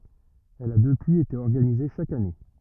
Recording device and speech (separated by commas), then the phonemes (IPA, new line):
rigid in-ear microphone, read sentence
ɛl a dəpyiz ete ɔʁɡanize ʃak ane